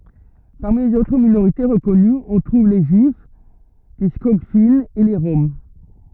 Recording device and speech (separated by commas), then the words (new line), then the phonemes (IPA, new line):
rigid in-ear microphone, read sentence
Parmi les autres minorités reconnues, on trouve les juifs, les Skogfinns et les Roms.
paʁmi lez otʁ minoʁite ʁəkɔnyz ɔ̃ tʁuv le ʒyif le skɔɡfinz e le ʁɔm